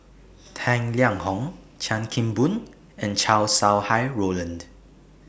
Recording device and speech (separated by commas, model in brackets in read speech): boundary microphone (BM630), read sentence